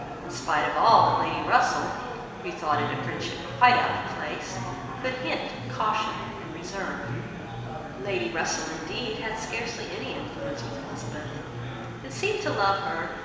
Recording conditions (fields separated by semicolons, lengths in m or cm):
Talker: one person; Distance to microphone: 1.7 m; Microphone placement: close; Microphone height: 1.0 m; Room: very reverberant, large; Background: babble